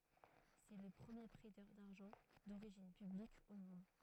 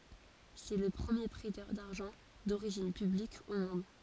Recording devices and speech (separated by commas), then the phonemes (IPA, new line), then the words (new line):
throat microphone, forehead accelerometer, read sentence
sɛ lə pʁəmje pʁɛtœʁ daʁʒɑ̃ doʁiʒin pyblik o mɔ̃d
C'est le premier prêteur d’argent d'origine publique au monde.